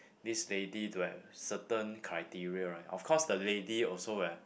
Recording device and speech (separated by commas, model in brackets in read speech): boundary microphone, conversation in the same room